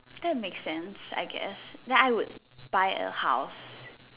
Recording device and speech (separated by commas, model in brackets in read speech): telephone, conversation in separate rooms